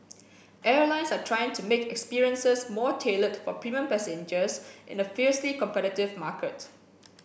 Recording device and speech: boundary microphone (BM630), read sentence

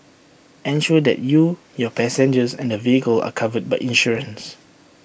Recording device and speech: boundary microphone (BM630), read sentence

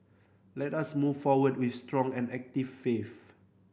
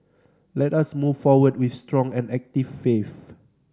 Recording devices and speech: boundary microphone (BM630), standing microphone (AKG C214), read sentence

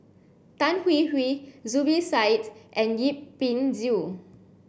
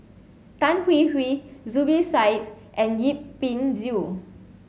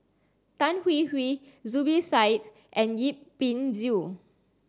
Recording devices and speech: boundary microphone (BM630), mobile phone (Samsung C7), standing microphone (AKG C214), read sentence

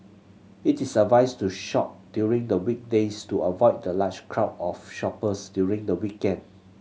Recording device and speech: mobile phone (Samsung C7100), read sentence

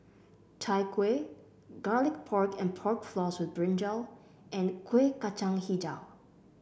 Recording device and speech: boundary microphone (BM630), read sentence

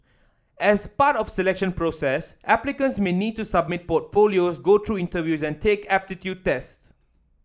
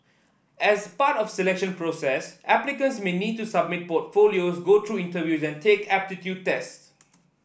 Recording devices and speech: standing microphone (AKG C214), boundary microphone (BM630), read sentence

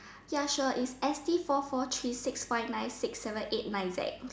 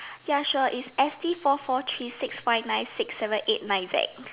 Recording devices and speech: standing microphone, telephone, conversation in separate rooms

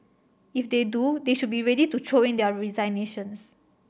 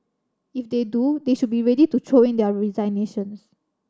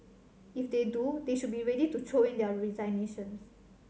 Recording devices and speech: boundary microphone (BM630), standing microphone (AKG C214), mobile phone (Samsung C7100), read sentence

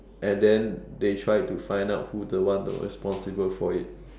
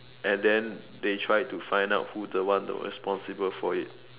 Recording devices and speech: standing microphone, telephone, conversation in separate rooms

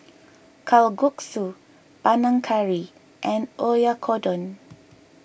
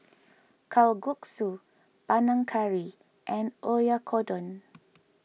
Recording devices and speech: boundary microphone (BM630), mobile phone (iPhone 6), read sentence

